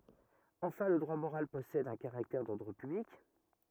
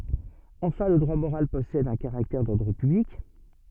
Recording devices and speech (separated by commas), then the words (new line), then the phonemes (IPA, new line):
rigid in-ear microphone, soft in-ear microphone, read sentence
Enfin, le droit moral possède un caractère d'ordre public.
ɑ̃fɛ̃ lə dʁwa moʁal pɔsɛd œ̃ kaʁaktɛʁ dɔʁdʁ pyblik